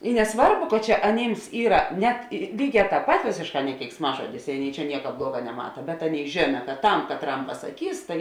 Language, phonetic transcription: Lithuanian, i neˈsvarbu ka ˈčia aˈnyms ˈyra ˈnet ˈlyˌgē ˈtāp pat ˈvėsėšˌkā ne keiksˈmažodis i ˈaˌnėi čia ˈnieka ˈbluoga neˈmata bet ˈaˌnėi ˈžėna kad ˈtam katˈram pasaˈkys tai

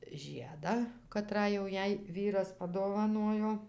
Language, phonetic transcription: Lithuanian, ˈžiedą kaˈtrą jau ˈjai ˈvyras padovaˈnojo

